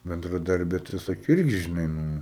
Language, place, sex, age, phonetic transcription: Lithuanian, Aukštaitija, male, 18-60, bendraˈdarbė tai ˈsakė ˈirgi žiˈnai ˈnu

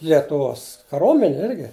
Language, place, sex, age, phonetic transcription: Lithuanian, Žemaitija, male, 60+, lietuˈvos kaˈromenė ˈirgi

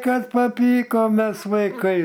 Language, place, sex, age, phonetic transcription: Lithuanian, Aukštaitija, male, 60+, ˈkad paˈpykom ˈmes vaiˈkai

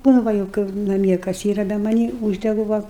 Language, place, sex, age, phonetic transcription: Lithuanian, Aukštaitija, female, 60+, nu ˈva jau ˈkaip naˈmie kas ˈyra be maˈnį ˈūždegu va

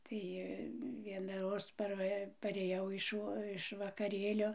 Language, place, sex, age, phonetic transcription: Lithuanian, Dzūkija, female, 60+, ˈtai ˌvienaˈroz ˈparva paˈrėjau iš ˈvo iš vakaˈrėlio

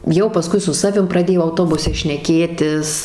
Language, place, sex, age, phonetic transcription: Lithuanian, Suvalkija, female, 18-60, jau paˈskui su ˈsavim praˈdėjo auˈtobuse šneˈkėtis

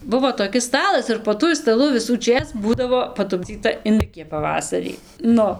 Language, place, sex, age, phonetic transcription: Lithuanian, Dzūkija, female, 18-60, ˈbuvo toˈkis ˈstalas ir po ˈtuoj staˈlu visųˈčės ˈbūdavo patupˈdzyta inˈdɨkie paˈvasarį ˈnu

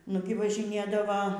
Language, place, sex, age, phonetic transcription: Lithuanian, Aukštaitija, female, 60+, ˈnugi važiˈnėdava

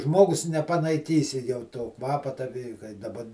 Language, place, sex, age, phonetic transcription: Lithuanian, Žemaitija, male, 60+, ˈžmogus nepanaiˈkysi jau to ˈkvapa ta vi kai daˈba

